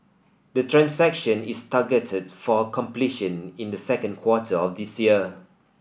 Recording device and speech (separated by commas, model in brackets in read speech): boundary microphone (BM630), read sentence